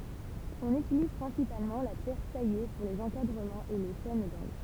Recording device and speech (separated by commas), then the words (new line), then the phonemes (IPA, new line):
temple vibration pickup, read sentence
On utilise principalement la pierre taillée pour les encadrements et les chaînes d'angles.
ɔ̃n ytiliz pʁɛ̃sipalmɑ̃ la pjɛʁ taje puʁ lez ɑ̃kadʁəmɑ̃z e le ʃɛn dɑ̃ɡl